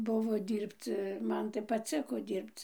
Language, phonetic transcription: Lithuanian, ˈbuvo ˈdyrbc ˈman tai paˈciko ˈdyrbc

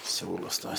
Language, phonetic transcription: Lithuanian, ˈsiūlus ˈtuos

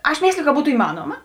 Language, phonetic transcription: Lithuanian, aš ˈmėsliju ka ˈbūtu iˈmanoma

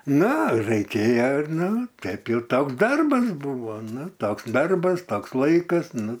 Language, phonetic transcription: Lithuanian, ˈna raiˈkėje ir ˈnu ˈteip jau ˈtoks ˈdarbas ˈbūvo ˈnu ˈtoks ˈdarbas ˈtoks ˈlaikas ˈnu

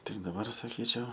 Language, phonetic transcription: Lithuanian, ˈtik daˈbar saˈkyčiau

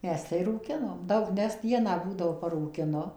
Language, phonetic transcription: Lithuanian, ˈmes tai rūˈkinom ˈdaug ˈnes ˈdieną ˈbūdavo parūkiˈnu

